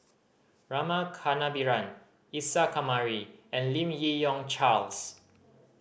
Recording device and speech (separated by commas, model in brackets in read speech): boundary microphone (BM630), read sentence